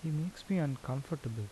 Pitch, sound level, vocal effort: 155 Hz, 77 dB SPL, soft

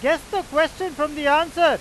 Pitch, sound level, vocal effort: 315 Hz, 103 dB SPL, very loud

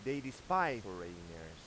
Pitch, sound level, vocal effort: 100 Hz, 95 dB SPL, loud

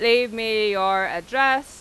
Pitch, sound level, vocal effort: 225 Hz, 97 dB SPL, loud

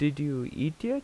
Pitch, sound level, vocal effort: 150 Hz, 83 dB SPL, normal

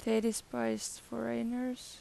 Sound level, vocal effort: 84 dB SPL, soft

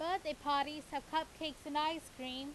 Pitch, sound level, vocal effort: 300 Hz, 94 dB SPL, very loud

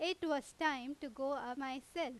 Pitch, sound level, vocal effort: 285 Hz, 91 dB SPL, very loud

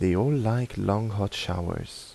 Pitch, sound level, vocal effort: 100 Hz, 80 dB SPL, soft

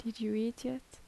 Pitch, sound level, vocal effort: 230 Hz, 76 dB SPL, soft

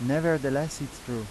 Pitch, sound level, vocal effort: 140 Hz, 88 dB SPL, normal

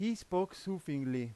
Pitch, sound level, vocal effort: 180 Hz, 93 dB SPL, very loud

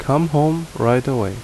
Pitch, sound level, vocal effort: 140 Hz, 78 dB SPL, loud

